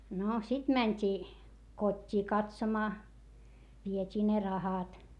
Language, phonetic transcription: Finnish, no sit mäńt́ii , kot́t́ii katsomaa , viet́ii ne rahat .
- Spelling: no sitten mentiin kotiin katsomaan vietiin ne rahat

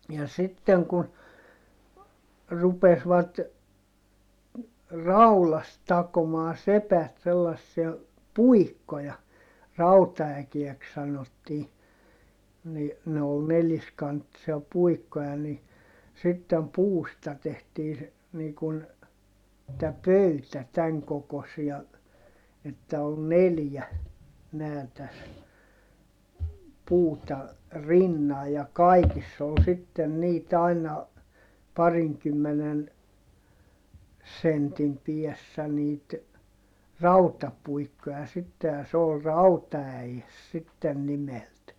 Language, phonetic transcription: Finnish, ja sitteŋ kun , rupesvat , raulast takomaa sepät sellassia , puikkoja , rauta₍äkiɛks sanottii , ni , ne ol neliskanttisia puikkoja ni , sittem puusta tehtii se , nii kun , tä pöytä täŋ kokosia , että ol neljä , nää täs , puuta , rinna ja kaikiss ‿ol sitten niit ‿aina , pariŋkymmenen , sentim piɛssä niit , rautapuikkoja sitte ja s ‿ool rauta₍äjes sitten nimelt .
- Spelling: ja sitten kun rupesivat raudasta takomaan sepät sellaisia puikkoja rautaäkeeksi sanottiin niin ne oli neliskanttisia puikkoja niin sitten puusta tehtiin se niin kuin tämä pöytä tämän kokoisia että oli neljä nämä tässä puuta rinnan ja kaikissa oli sitten niitä aina parinkymmenen sentin päässä niitä rautapuikkoja sitten ja se oli rautaäes sitten nimeltään

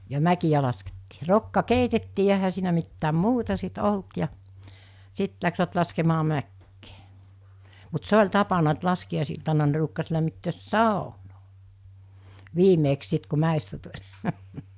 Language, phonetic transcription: Finnish, ja 'mäkiʲä laskettii , 'rokka 'keitettii ja ehä siinä mittääm "muuta sit 'olt ja , 'sit läksvät laskemaa mäkkee , mut 'se oĺ 'tapana et 'laski₍àis₍iltana ne ruukkas lämmittöös "sàonoo , 'viimeeks sit ku 'mä̀estä tu(ĺ) .
- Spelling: ja mäkiä laskettiin rokka keitettiin ja eihän siinä mitään muuta sitten ollut ja sitten lähtivät laskemaan mäkeä mutta se oli tapana että laskiaisiltana ne ruukasi lämmittää saunaa viimeksi sitten kun mäestä tuli

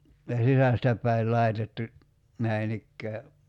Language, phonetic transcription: Finnish, ja 'sisästä p̀äi̬l 'lai̬tettu , 'näin ‿ikkää .
- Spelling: ja sisästä päin laitettu näin ikään

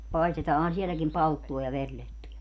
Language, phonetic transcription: Finnish, 'paistetaahan sieläkim "palttua ja 'verlettuja ?
- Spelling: paistetaanhan sielläkin palttua ja verilettuja

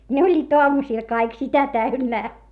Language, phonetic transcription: Finnish, ne oĺĺiit oamusìl kaik sitä täynnää .
- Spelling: ne olivat aamusilla kaikki sitä täynnä

